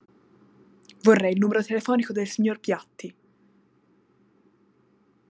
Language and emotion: Italian, angry